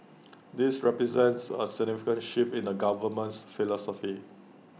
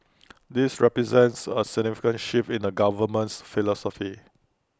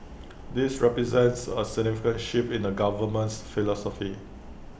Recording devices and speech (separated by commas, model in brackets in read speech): mobile phone (iPhone 6), close-talking microphone (WH20), boundary microphone (BM630), read sentence